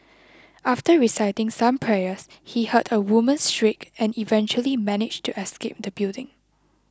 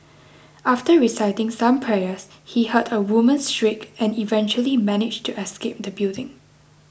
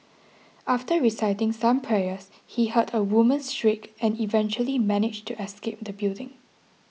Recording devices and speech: close-talking microphone (WH20), boundary microphone (BM630), mobile phone (iPhone 6), read sentence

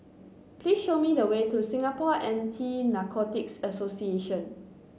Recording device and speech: mobile phone (Samsung C9), read sentence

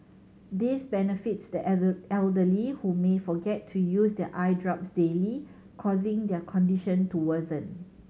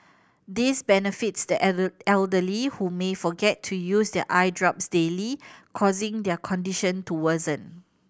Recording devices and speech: mobile phone (Samsung C7100), boundary microphone (BM630), read sentence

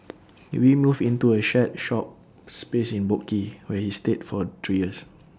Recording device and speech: standing microphone (AKG C214), read sentence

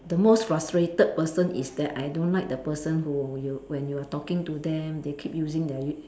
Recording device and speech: standing microphone, conversation in separate rooms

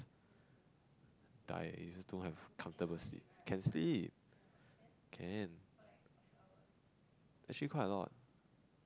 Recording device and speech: close-talking microphone, conversation in the same room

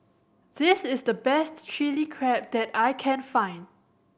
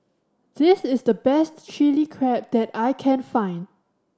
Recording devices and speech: boundary microphone (BM630), standing microphone (AKG C214), read sentence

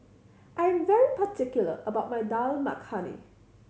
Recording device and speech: mobile phone (Samsung C7100), read sentence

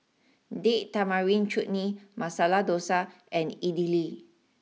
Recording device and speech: mobile phone (iPhone 6), read sentence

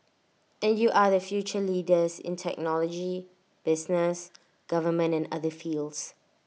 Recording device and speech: mobile phone (iPhone 6), read sentence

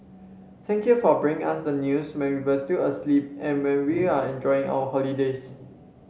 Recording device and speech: mobile phone (Samsung C7), read sentence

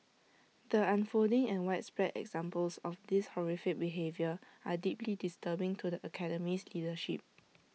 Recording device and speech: mobile phone (iPhone 6), read sentence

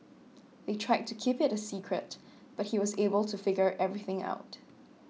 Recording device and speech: mobile phone (iPhone 6), read sentence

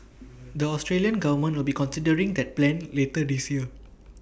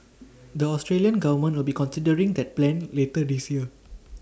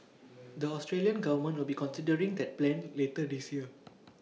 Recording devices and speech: boundary microphone (BM630), standing microphone (AKG C214), mobile phone (iPhone 6), read sentence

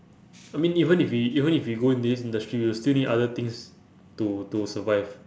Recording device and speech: standing microphone, conversation in separate rooms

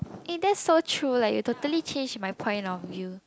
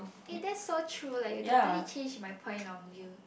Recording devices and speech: close-talking microphone, boundary microphone, conversation in the same room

